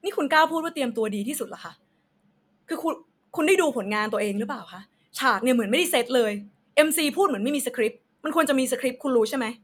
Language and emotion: Thai, angry